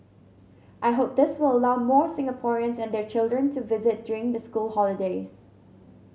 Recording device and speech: mobile phone (Samsung C7100), read sentence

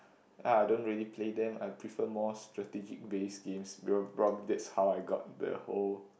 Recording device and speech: boundary microphone, conversation in the same room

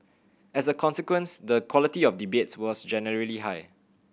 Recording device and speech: boundary microphone (BM630), read sentence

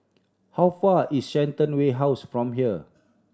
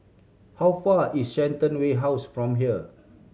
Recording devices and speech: standing microphone (AKG C214), mobile phone (Samsung C7100), read sentence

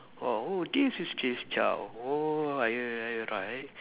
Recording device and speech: telephone, conversation in separate rooms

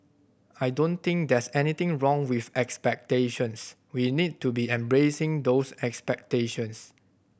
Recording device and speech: boundary microphone (BM630), read sentence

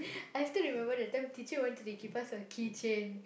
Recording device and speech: boundary microphone, conversation in the same room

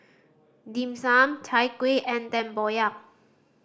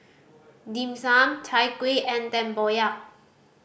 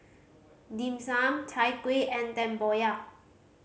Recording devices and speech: standing microphone (AKG C214), boundary microphone (BM630), mobile phone (Samsung C5010), read sentence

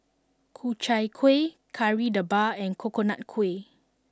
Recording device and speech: standing microphone (AKG C214), read sentence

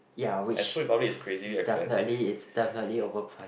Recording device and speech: boundary microphone, conversation in the same room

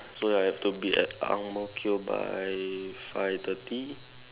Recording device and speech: telephone, conversation in separate rooms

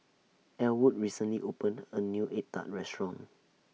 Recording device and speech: mobile phone (iPhone 6), read sentence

